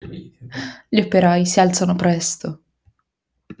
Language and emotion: Italian, sad